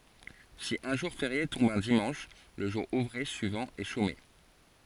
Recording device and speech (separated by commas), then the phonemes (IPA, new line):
forehead accelerometer, read sentence
si œ̃ ʒuʁ feʁje tɔ̃b œ̃ dimɑ̃ʃ lə ʒuʁ uvʁe syivɑ̃ ɛ ʃome